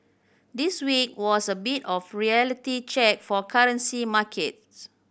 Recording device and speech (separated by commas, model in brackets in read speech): boundary microphone (BM630), read sentence